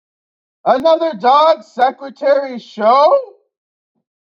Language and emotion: English, fearful